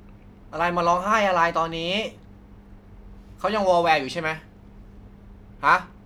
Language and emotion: Thai, frustrated